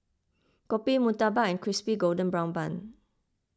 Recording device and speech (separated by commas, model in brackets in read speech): close-talking microphone (WH20), read sentence